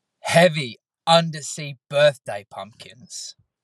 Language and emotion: English, disgusted